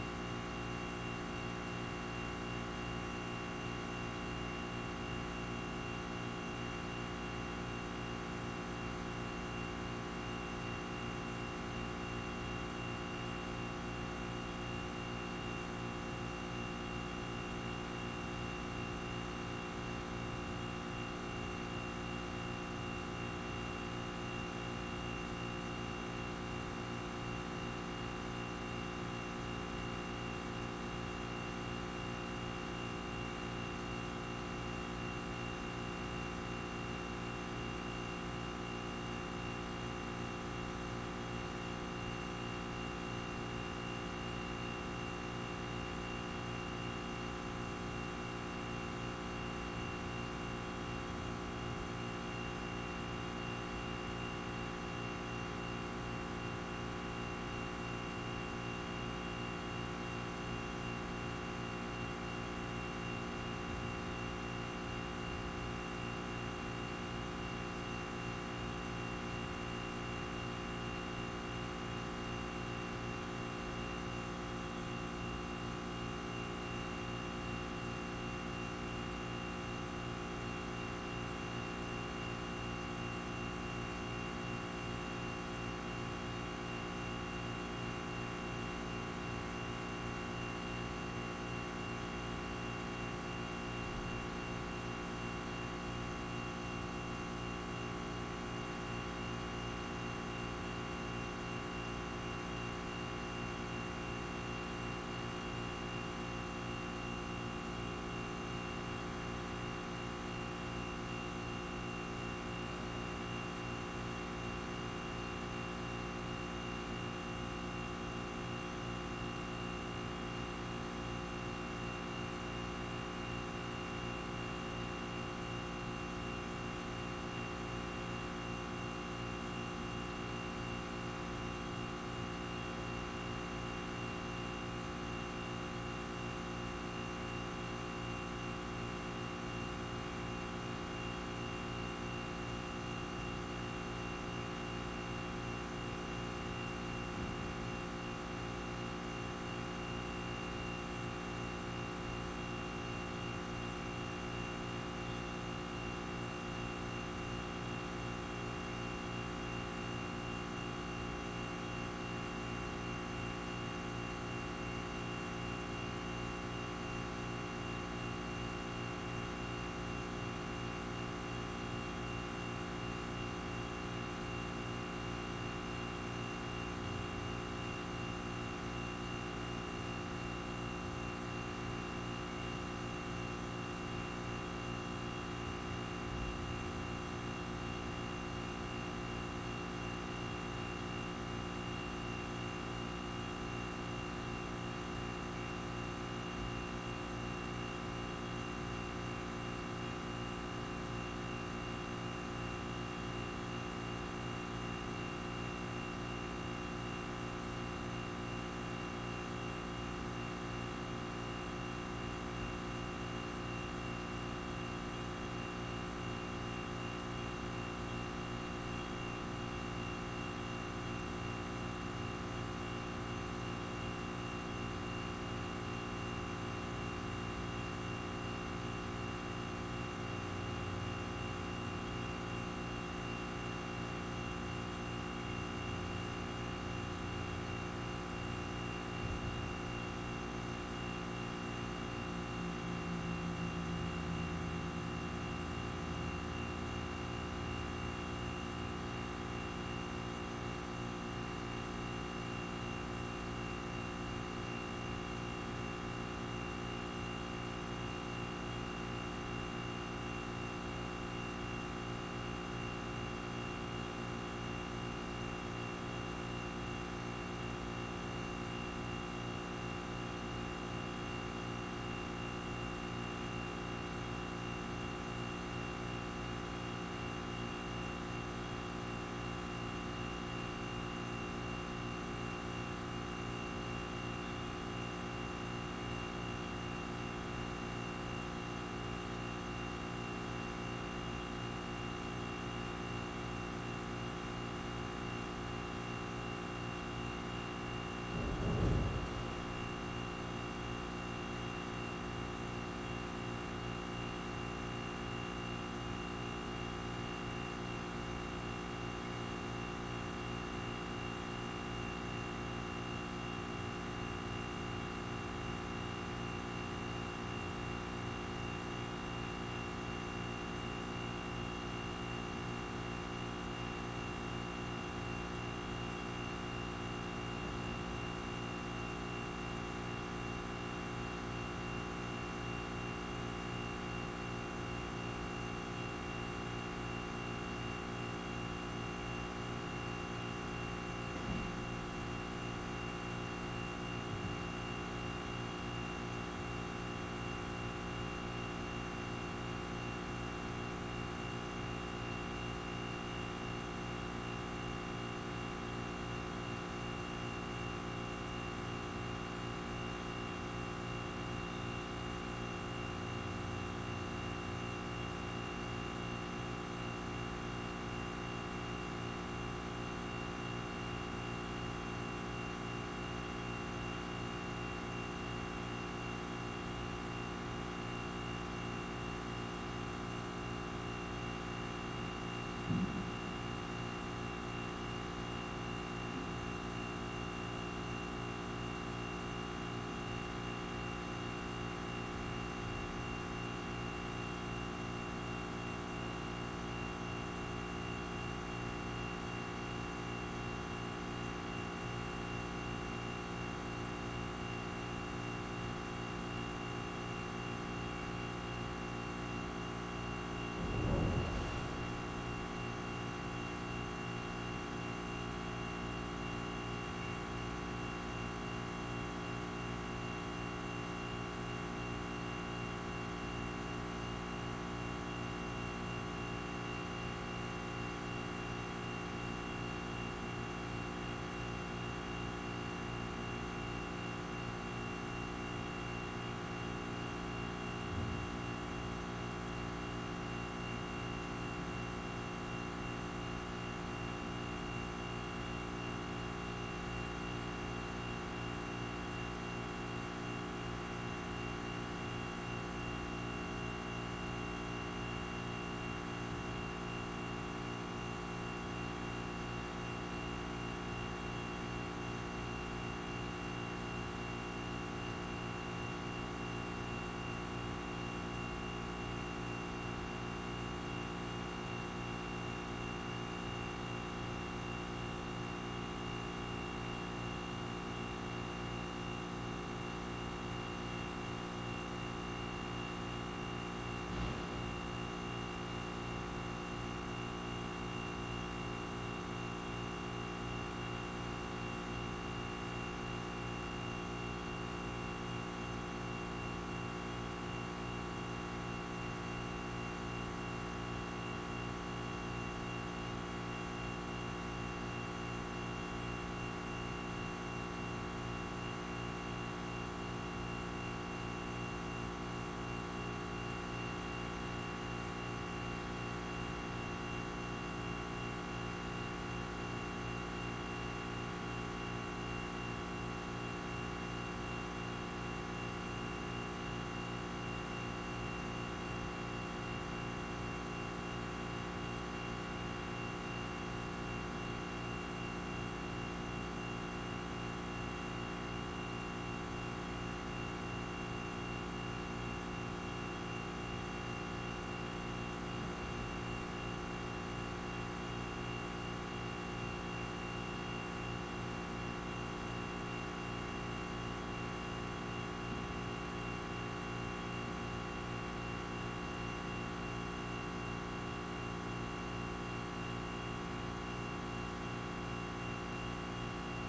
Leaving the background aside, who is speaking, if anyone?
No one.